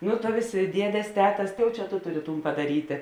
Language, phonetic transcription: Lithuanian, nu ta ˈvėsė ˈdiedės ˈtetas ˈtai jau ˈčia ˈto ˈtuˌri ˈtūn padaˈrytė

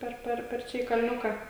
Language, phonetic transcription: Lithuanian, ˈper ˈper per ˈčia į kalˈniuką

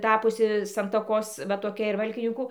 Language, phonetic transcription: Lithuanian, ˈtapusi santaˈkos va toˈkia ir ˈvalkininkų

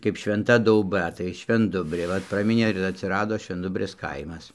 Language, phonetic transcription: Lithuanian, kaip švenˈta dauˈba tai švenˈdubrė ˈvat ˈpraminė ir atsiˈrado švenˈdubrės ˈkaimas

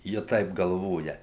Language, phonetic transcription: Lithuanian, ˈji ˈtaip galˈvoja

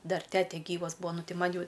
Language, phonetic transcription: Lithuanian, ˈdar ˈtete ˈgyvas ˈbūa ˈnu ˈti ˈman' ˈjau

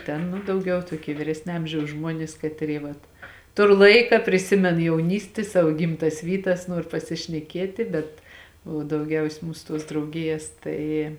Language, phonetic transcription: Lithuanian, ˈten ˈnu dauˈgiau tuoˈkie viˈresnė ˈamžiaus ˈžmuonis ˈkatˌry vat ˈtur ˈlaika priˈsimen jauˈnysti ˈsavo ˈgimˌtas ˈvyˌtas ˈnuor pasišneˈkietė bet o dauˈgiausė ˈmūsu ˈtuos drauˈgijas ˈtai

